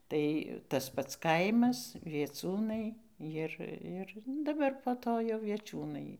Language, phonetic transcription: Lithuanian, ˈtai tas ˈpats ˈkaimas vieˈciūnai ˈjir ˈir nu daˈbar po ˈto jau vieˈčiūnai

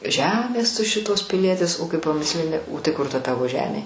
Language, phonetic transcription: Lithuanian, ˈžemės tu ˈšitos piˈlietis o ˈkai paˈmislini o tai ˈkur ta ˈtavo ˈžemė

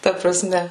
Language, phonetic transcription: Lithuanian, ˈta praˈsme

